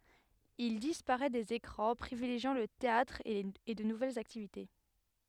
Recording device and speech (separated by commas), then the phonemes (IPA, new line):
headset microphone, read sentence
il dispaʁɛ dez ekʁɑ̃ pʁivileʒjɑ̃ lə teatʁ e də nuvɛlz aktivite